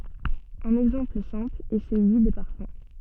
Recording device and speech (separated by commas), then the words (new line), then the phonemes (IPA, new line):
soft in-ear microphone, read sentence
Un exemple simple est celui des parfums.
œ̃n ɛɡzɑ̃pl sɛ̃pl ɛ səlyi de paʁfœ̃